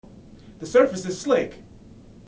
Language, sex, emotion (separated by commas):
English, male, neutral